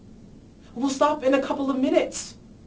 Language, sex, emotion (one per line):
English
male
angry